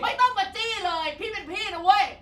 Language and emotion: Thai, angry